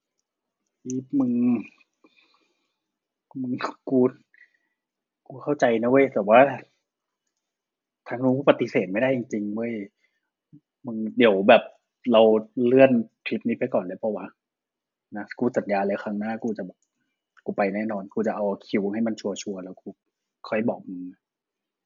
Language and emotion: Thai, frustrated